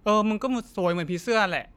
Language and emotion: Thai, neutral